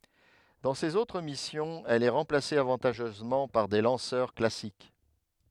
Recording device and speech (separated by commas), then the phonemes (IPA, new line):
headset microphone, read sentence
dɑ̃ sez otʁ misjɔ̃z ɛl ɛ ʁɑ̃plase avɑ̃taʒœzmɑ̃ paʁ de lɑ̃sœʁ klasik